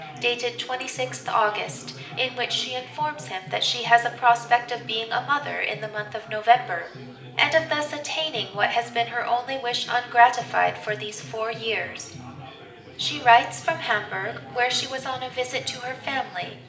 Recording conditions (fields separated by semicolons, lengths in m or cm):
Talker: one person; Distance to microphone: 1.8 m; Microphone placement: close; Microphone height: 1.0 m; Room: large; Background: babble